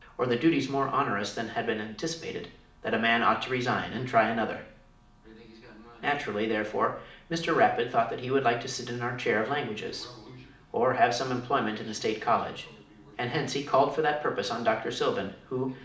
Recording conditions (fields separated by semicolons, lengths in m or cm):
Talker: one person; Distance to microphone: 2.0 m; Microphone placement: close; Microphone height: 99 cm; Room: medium-sized (5.7 m by 4.0 m); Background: television